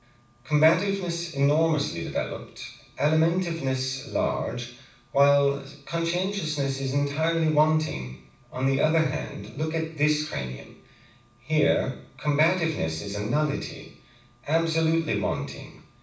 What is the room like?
A mid-sized room.